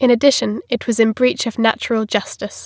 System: none